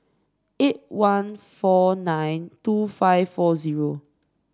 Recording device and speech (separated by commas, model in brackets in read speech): standing microphone (AKG C214), read sentence